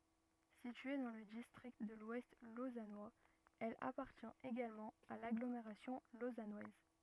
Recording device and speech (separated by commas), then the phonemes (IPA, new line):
rigid in-ear microphone, read sentence
sitye dɑ̃ lə distʁikt də lwɛst lozanwaz ɛl apaʁtjɛ̃t eɡalmɑ̃ a laɡlomeʁasjɔ̃ lozanwaz